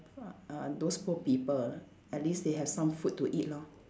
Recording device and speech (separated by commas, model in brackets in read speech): standing microphone, conversation in separate rooms